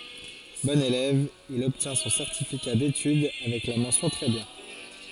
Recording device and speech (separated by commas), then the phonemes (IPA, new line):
forehead accelerometer, read sentence
bɔ̃n elɛv il ɔbtjɛ̃ sɔ̃ sɛʁtifika detyd avɛk la mɑ̃sjɔ̃ tʁɛ bjɛ̃